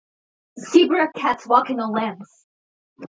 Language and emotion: English, fearful